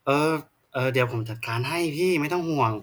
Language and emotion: Thai, frustrated